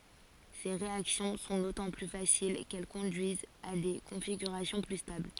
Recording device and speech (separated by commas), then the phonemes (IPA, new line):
forehead accelerometer, read sentence
se ʁeaksjɔ̃ sɔ̃ dotɑ̃ ply fasil kɛl kɔ̃dyizt a de kɔ̃fiɡyʁasjɔ̃ ply stabl